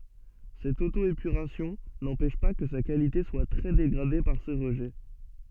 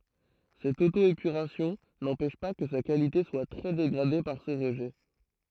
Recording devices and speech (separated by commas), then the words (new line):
soft in-ear microphone, throat microphone, read sentence
Cette auto-épuration n'empêche pas que sa qualité soit très dégradée par ces rejets.